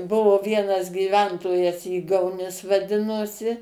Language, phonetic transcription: Lithuanian, ˈbuvo ˈvienas gyˈventojas ˈygauˌnis vaˈdinosi

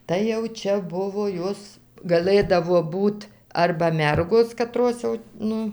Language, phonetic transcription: Lithuanian, tai jau ˈčia ˈbuvo ˈjos gaˈlɘdavo ˈbūt ˈarba ˈmergos kaˈtros jau ˈnu

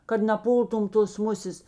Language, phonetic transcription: Lithuanian, kad naˈpūltum tos ˈmusės

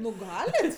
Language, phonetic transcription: Lithuanian, ˈnu ˈgalit

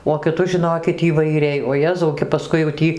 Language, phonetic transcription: Lithuanian, o kiˈtus žiˈnokit įvaiˈriai o ˈjezau ke paˈskui jau ˈtį

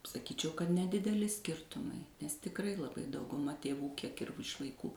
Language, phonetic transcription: Lithuanian, saˈkyčiau kad nedideˈli ˈskirtumai nes tikˈrai laˈbai dauguˈma tėˈvų ˈkiek ir iš vaiˈkų

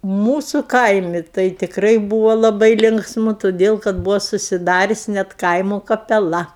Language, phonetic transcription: Lithuanian, ˈmūsu ˈkaimi tai tikˈrai ˈbūvo laˈbai ˈlinksmu toˈdėl kad ˈbūvo susiˈdarius' net ˈkaimo kapeˈla

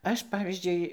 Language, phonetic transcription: Lithuanian, ˈaš ˈpavyzdžiui

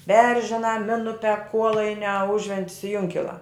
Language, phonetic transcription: Lithuanian, ˈberžinā ˈminupia ˈkuolainiā ˈužventis i ˈjunkilā

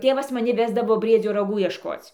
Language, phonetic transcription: Lithuanian, ˈtėvas maˈni ˈvesdavo brieˈdzio raˈgų iešˈkoc'

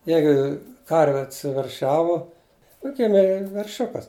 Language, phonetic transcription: Lithuanian, ˈjeigu ˈkarvi atsiverˈšiavu juk ˈgimė verˈšiukas

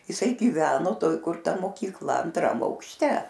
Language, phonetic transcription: Lithuanian, iˈsai gyˈveno ˈtoj kur ˈta mokykˈla anˈtram aukšˈte

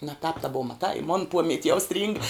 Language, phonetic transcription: Lithuanian, na tāp ta ˈbova maˈtai i mon ˈpomiat' jau stryng

